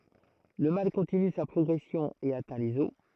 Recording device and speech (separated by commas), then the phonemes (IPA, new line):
throat microphone, read sentence
lə mal kɔ̃tiny sa pʁɔɡʁɛsjɔ̃ e atɛ̃ lez ɔs